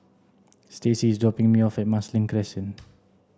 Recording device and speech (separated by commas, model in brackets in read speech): standing microphone (AKG C214), read sentence